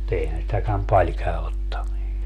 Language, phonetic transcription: Finnish, (mu)'t ‿eihän sitäkäm "paĺ käö ottamii .
- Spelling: mutta eihän sitäkään paljon käy ottaminen

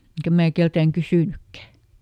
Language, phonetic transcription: Finnish, ˈeŋkä mää ˈkeltääŋ "kysỳnykkä !
- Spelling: enkä minä keneltäkään kysynytkään

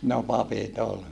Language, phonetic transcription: Finnish, no papit ‿ol .
- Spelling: no papit oli

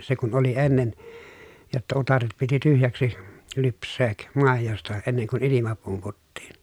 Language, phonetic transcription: Finnish, se kun oli ennen , jotta utaret piti tyhjäksi , lyps̀eek , màejosta enneŋ kun ilima pumputtiin .
- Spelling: se kun oli ennen jotta utareet piti tyhjäksi lypsää maidosta ennen kuin ilma pumputtiin

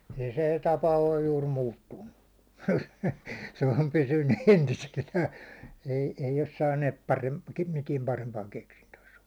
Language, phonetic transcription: Finnish, ei sè 'tapa oj juur 'muuttunnu , se om 'pysynny 'entisellää , ei , ei os 'saannet 'parem- , mitiɛm 'parempaaŋ keksintöösᴀ̈ .
- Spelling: ei se tapa ole juuri muuttunut se on pysynyt entisellään ei ei ole saaneet - mitään parempaan keksintöönsä

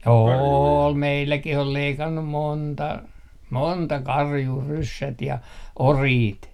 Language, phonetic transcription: Finnish, "ool 'meilläkih ‿ol 'leikannum "monta , "monta "karjuu 'ryssät ja , "oriit .
- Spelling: oli meilläkin on leikannut monta monta karjua ryssät ja oriit

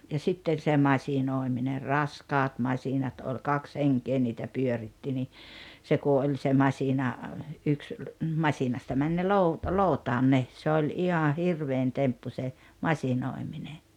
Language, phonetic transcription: Finnish, ja 'sitten̬ se "masinòemine "raskaat 'masinat ol 'kaks 'heŋkee niitä 'pyöritti ni , 'se ku oĺ se 'masina , 'yks , "masinasta 'män ne 'lou- , "lòutaan ne , 'se oĺ 'iha "hirvein 'temppu se , "masinòimine .
- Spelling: ja sitten se masinoiminen raskaat masiinat oli kaksi henkeä niitä pyöritti niin se kun oli se masiina yksi masiinasta meni ne - lootaan ne se oli ihan hirvein temppu se masinoiminen

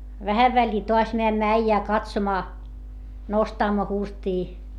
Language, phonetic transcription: Finnish, vähäv väĺĺii toas meämmä äijää katsomaa , nostammo hurstii .
- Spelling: vähän väliin taas menemme äijää katsomaan nostamme hurstia

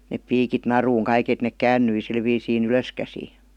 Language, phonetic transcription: Finnish, nep 'piikit 'naruuŋ 'kaik ‿et nek "käännyi sil viisiin "ylöskäsii .
- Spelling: ne piikit naruun kaikki että ne kääntyi sillä viisiin ylöskäsin

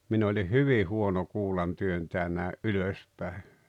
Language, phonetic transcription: Finnish, 'min ‿olih "hyvi 'huono 'kuulantyöntää nä̀e’ "’ylös pä̀e .
- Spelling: minä olin hyvin huono kuulantyöntäjä näin ylös päin

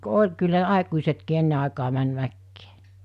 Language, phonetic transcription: Finnish, 'oĺ kyllä (ne) 'àikuisetkii 'enne àekaa män 'mäkkee .
- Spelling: oli kyllä ne aikuisetkin ennen aikaa meni mäkeen

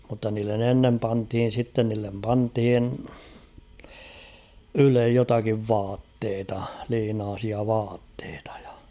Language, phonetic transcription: Finnish, mutta niillen ‿'ennem panthin̬ sitten niillem 'panthin , 'ylej jotakiv "vaatteeta , 'liinaasia 'vaatteetᴀ ᴊᴀ .
- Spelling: mutta niille ennen pantiin sitten niille pantiin ylle jotakin vaatteita liinaisia vaatteita ja

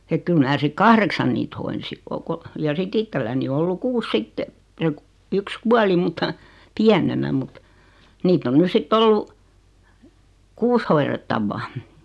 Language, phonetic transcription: Finnish, ek 'kyl mnää 'sik "kahreksan niit 'hoinsi , o- ko- , ja sit't ‿it-telläni o ollu "kuus 'sitte , se , yks 'kuali multa , "piänenä mut , 'niitt ‿on 'nys sit"t ‿ollu , "kuus hoirettavvaa .
- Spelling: että kyllä minä sitten kahdeksan niitä hoidin - - ja sitten itselläni on ollut kuusi sitten se yksi kuoli minulta pienenä mutta niitä on nyt sitten ollut kuusi hoidettavaa

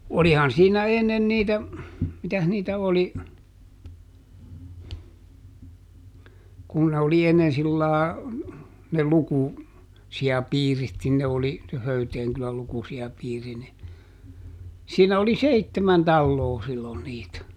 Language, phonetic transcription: Finnish, ˈolihan siinä ˈennen niitä , ˈmitäh niitä ˈoli , kun ne oli ˈennen sillàe , ne "luku- , -si₍a"piirit nin ne oli , se "Höyteeŋ kyläl ˈlukusi₍apiiri ni , ˈsiinä oli "seittemän ˈtalloo sillon niit .
- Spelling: olihan siinä ennen niitä mitäs niitä oli kun ne oli ennen sillä lailla ne - lukusijapiirit niin ne oli se Höyteen kylän lukusijapiiri niin siinä oli seitsemän taloa silloin niitä

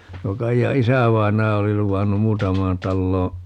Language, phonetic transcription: Finnish, 'tuo 'Kaija "isä̀vain̆naja 'oli 'luvannum "muutam̀aan 'talloo ,.
- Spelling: tuo Kaijan isävainaja oli luvannut muutamaan taloon

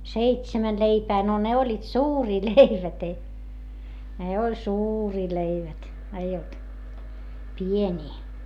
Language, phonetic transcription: Finnish, seitsämän leipää - no ne oĺĺiit suurii leivät ‿ei , ne oĺ suurii leivät , eij ‿olt , pieńii .
- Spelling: seitsemän leipää no ne olivat suuria leivät ei ne oli suuria leivät ei ollut pieniä

